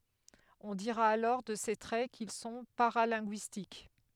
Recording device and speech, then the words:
headset microphone, read sentence
On dira alors de ces traits qu'ils sont paralinguistiques.

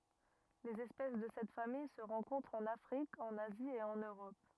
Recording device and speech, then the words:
rigid in-ear microphone, read sentence
Les espèces de cette famille se rencontrent en Afrique, en Asie et en Europe.

